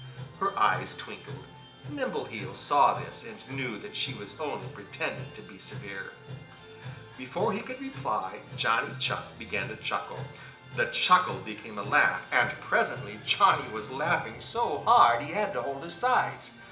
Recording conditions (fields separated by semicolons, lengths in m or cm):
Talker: one person; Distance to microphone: 1.8 m; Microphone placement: close; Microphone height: 1.0 m; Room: large; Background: music